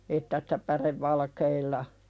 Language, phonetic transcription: Finnish, että sɪtä "pärevvalkeilla ,.
- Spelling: että sitä pärevalkeilla

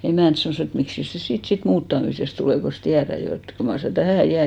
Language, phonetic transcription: Finnish, "emä̀nt sanòs ‿et » 'miksis se 'siit sit "muuttamisest 'tulè kos 'tiärä 'jo et , 'kyl mar sä "tähä̀ 'jää « .
- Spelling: emänt sanoi että miksikäs se siitä sitten muuttamisesta tulee kun tiedät jo että kyllä mar sinä tähän jäät

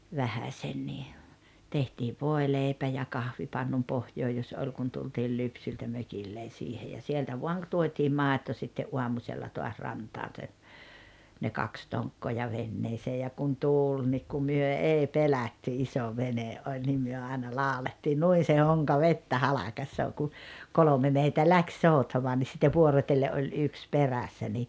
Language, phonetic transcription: Finnish, 'vähäśennii , 'tehtiiv "vòeleipä ja "kahvipannun 'pohjoo jos 'oĺ kun tultiil 'lypsyltä "mökillen̬ siihe ja 'sieltä 'vuaŋ ‿k- 'tuot́iim "màeto sitte’ '’uamuśella toas 'rantaan se , ne "kaks 'toŋkkoo ja 'venneesee ja 'kun "tuul nik ku "myö "ei "pelatty "iso "vene’ '’oĺ nim myö aena "làolettii » 'nuin̬ se 'hoŋka "vettä "halakassoo « ku , 'kolome meitä 'läks 'sòutamoa nis sitte "vuorot́elle’ ’oĺ 'yks "perässä ni ,.
- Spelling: vähäsenkin tehtiin voileipä ja kahvipannun pohja jos oli kun tultiin lypsyltä mökille siihen ja sieltä vain - tuotiin maito sitten aamusella taas rantaan se ne kaksi tonkkaa ja veneeseen ja kun tuuli niin kun me ei pelätty iso vene oli niin me aina laulettiin niin se honka vettä halkaisee kun kolme meitä lähti soutamaan niin sitten vuorotellen oli yksi perässä niin

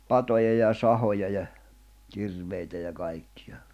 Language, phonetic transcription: Finnish, patoja ja "sahoja ja , 'kirveitä ja kaikkɪᴊᴀ .
- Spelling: patoja ja sahoja ja kirveitä ja kaikkea

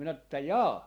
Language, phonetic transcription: Finnish, minä että » "jaa .
- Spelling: minä että jaa

